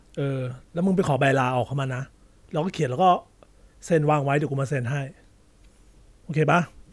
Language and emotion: Thai, neutral